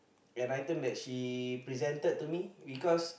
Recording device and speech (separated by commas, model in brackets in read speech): boundary microphone, conversation in the same room